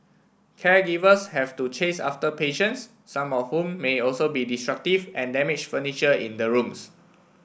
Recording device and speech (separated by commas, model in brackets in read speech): boundary microphone (BM630), read sentence